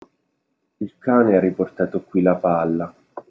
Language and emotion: Italian, sad